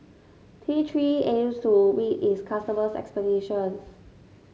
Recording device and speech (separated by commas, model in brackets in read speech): mobile phone (Samsung S8), read sentence